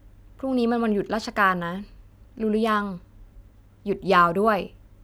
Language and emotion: Thai, neutral